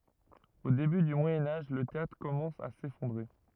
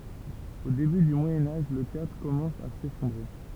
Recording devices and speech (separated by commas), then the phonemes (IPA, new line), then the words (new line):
rigid in-ear microphone, temple vibration pickup, read sentence
o deby dy mwajɛ̃ aʒ lə teatʁ kɔmɑ̃s a sefɔ̃dʁe
Au début du Moyen Âge, le théâtre commence à s'effondrer.